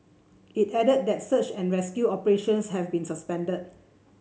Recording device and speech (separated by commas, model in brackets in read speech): mobile phone (Samsung C7), read sentence